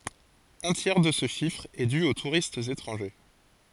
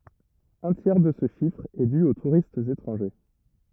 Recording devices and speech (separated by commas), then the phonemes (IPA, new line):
forehead accelerometer, rigid in-ear microphone, read sentence
œ̃ tjɛʁ də sə ʃifʁ ɛ dy o tuʁistz etʁɑ̃ʒe